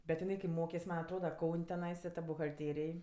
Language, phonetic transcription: Lithuanian, bet jiˈnai kai ˈmokes ˈman' atˈroda ˈkaun' teˈnaisa ta buhalˈtėrėj

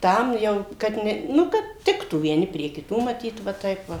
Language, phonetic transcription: Lithuanian, ˈtam jau kad ˈne ˈnu kad ˈtiktų vieˈni prie kiˈtų maˈtyt va ˈtaip va

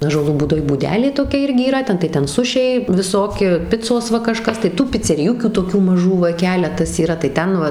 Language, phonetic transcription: Lithuanian, ąžuoˈlų būˈdoj būˈdelė toˈkia ˈirgi yˈra ˈten tai ˈten ˈsušiai viˈsoki ˈpicos ˈva kaˈžkas tai tų piceriˈjukių toˈkių maˈžų va ˈkeletas yˈra tai ˈten va

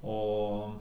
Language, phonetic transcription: Lithuanian, ˈo

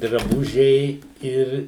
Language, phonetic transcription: Lithuanian, draˈbužiai ˈir

